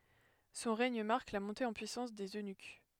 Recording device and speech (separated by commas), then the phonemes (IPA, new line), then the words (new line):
headset microphone, read sentence
sɔ̃ ʁɛɲ maʁk la mɔ̃te ɑ̃ pyisɑ̃s dez ønyk
Son règne marque la montée en puissance des eunuques.